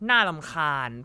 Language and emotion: Thai, frustrated